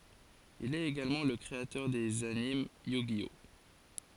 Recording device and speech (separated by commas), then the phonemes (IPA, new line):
forehead accelerometer, read sentence
il ɛt eɡalmɑ̃ lə kʁeatœʁ dez anim jy ʒi ɔ